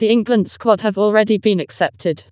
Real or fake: fake